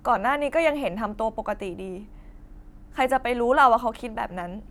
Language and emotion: Thai, frustrated